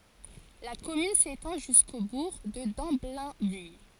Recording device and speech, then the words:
forehead accelerometer, read sentence
La commune s'étend jusqu'au bourg de Damblainville.

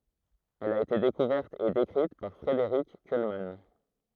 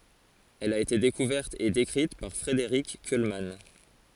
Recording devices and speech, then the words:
throat microphone, forehead accelerometer, read sentence
Elle a été découverte et décrite par Frédéric Kuhlmann.

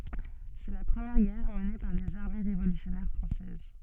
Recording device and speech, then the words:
soft in-ear microphone, read sentence
C'est la première guerre menée par les armées révolutionnaires françaises.

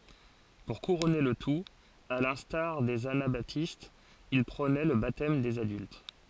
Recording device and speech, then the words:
forehead accelerometer, read sentence
Pour couronner le tout, à l'instar des anabaptistes, il prônait le baptême des adultes.

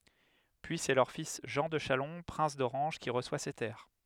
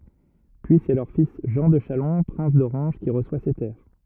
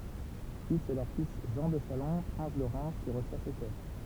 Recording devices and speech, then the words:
headset microphone, rigid in-ear microphone, temple vibration pickup, read sentence
Puis c'est leur fils Jean de Chalon, prince d'Orange, qui reçoit ces terres.

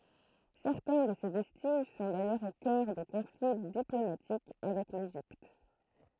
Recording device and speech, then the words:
throat microphone, read sentence
Certains de ces vestiges sont d'ailleurs au cœur de conflits diplomatiques avec l'Égypte.

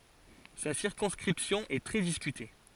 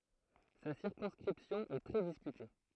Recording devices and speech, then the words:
forehead accelerometer, throat microphone, read sentence
Sa circonscription est très discutée.

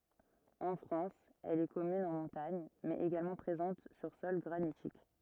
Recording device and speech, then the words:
rigid in-ear microphone, read sentence
En France, elle est commune en montagne, mais également présente sur sol granitique.

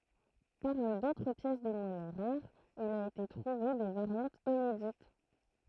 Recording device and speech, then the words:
throat microphone, read sentence
Parmi d'autres pièces de monnaie rares il a été trouvé des variantes inédites.

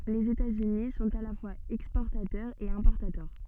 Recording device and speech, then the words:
soft in-ear microphone, read sentence
Les États-Unis sont à la fois exportateurs et importateurs.

